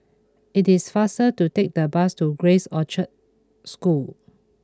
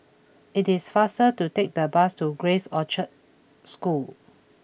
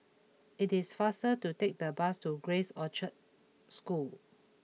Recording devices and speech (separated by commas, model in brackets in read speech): close-talking microphone (WH20), boundary microphone (BM630), mobile phone (iPhone 6), read sentence